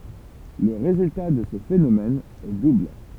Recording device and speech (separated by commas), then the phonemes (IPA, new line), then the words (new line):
temple vibration pickup, read sentence
lə ʁezylta də sə fenomɛn ɛ dubl
Le résultat de ce phénomène est double.